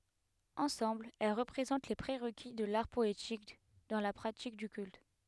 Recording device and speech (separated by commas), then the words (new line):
headset microphone, read sentence
Ensemble, elles représentent les pré-requis de l'art poétique dans la pratique du culte.